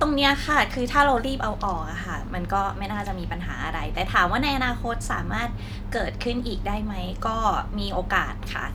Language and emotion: Thai, neutral